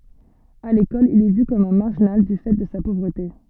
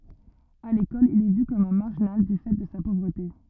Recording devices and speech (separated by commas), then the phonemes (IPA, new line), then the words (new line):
soft in-ear microphone, rigid in-ear microphone, read sentence
a lekɔl il ɛ vy kɔm œ̃ maʁʒinal dy fɛ də sa povʁəte
À l'école, il est vu comme un marginal du fait de sa pauvreté.